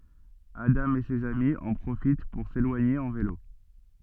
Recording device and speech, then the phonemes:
soft in-ear microphone, read sentence
adɑ̃ e sez ami ɑ̃ pʁofit puʁ selwaɲe ɑ̃ velo

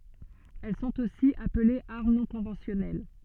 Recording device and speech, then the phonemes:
soft in-ear microphone, read sentence
ɛl sɔ̃t osi aplez aʁm nɔ̃ kɔ̃vɑ̃sjɔnɛl

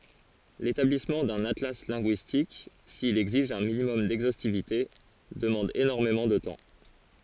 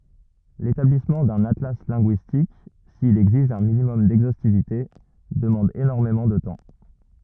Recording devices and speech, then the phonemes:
forehead accelerometer, rigid in-ear microphone, read sentence
letablismɑ̃ dœ̃n atla lɛ̃ɡyistik sil ɛɡziʒ œ̃ minimɔm dɛɡzostivite dəmɑ̃d enɔʁmemɑ̃ də tɑ̃

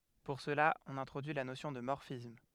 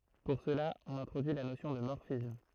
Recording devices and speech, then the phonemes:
headset microphone, throat microphone, read sentence
puʁ səla ɔ̃n ɛ̃tʁodyi la nosjɔ̃ də mɔʁfism

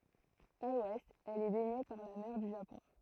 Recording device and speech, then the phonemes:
throat microphone, read sentence
a lwɛst ɛl ɛ bɛɲe paʁ la mɛʁ dy ʒapɔ̃

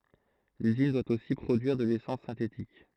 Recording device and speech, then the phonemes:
throat microphone, read sentence
lyzin dwa osi pʁodyiʁ də lesɑ̃s sɛ̃tetik

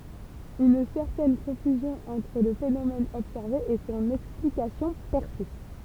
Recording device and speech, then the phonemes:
temple vibration pickup, read sentence
yn sɛʁtɛn kɔ̃fyzjɔ̃ ɑ̃tʁ lə fenomɛn ɔbsɛʁve e sɔ̃n ɛksplikasjɔ̃ pɛʁsist

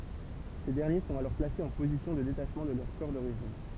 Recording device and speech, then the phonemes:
temple vibration pickup, read sentence
se dɛʁnje sɔ̃t alɔʁ plasez ɑ̃ pozisjɔ̃ də detaʃmɑ̃ də lœʁ kɔʁ doʁiʒin

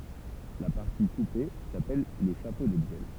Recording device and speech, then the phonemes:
temple vibration pickup, read sentence
la paʁti kupe sapɛl lə ʃapo də bjɛl

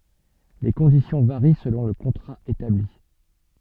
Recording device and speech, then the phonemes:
soft in-ear microphone, read sentence
le kɔ̃disjɔ̃ vaʁi səlɔ̃ lə kɔ̃tʁa etabli

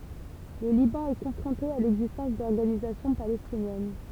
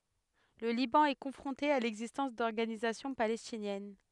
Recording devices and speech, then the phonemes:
temple vibration pickup, headset microphone, read sentence
lə libɑ̃ ɛ kɔ̃fʁɔ̃te a lɛɡzistɑ̃s dɔʁɡanizasjɔ̃ palɛstinjɛn

